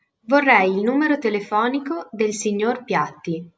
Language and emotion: Italian, neutral